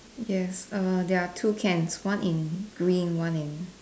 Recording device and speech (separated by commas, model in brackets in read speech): standing microphone, conversation in separate rooms